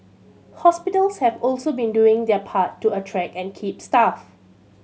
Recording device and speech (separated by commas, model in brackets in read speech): mobile phone (Samsung C7100), read sentence